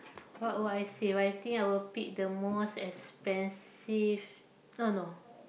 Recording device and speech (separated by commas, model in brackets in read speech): boundary microphone, conversation in the same room